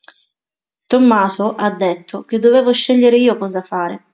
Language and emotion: Italian, neutral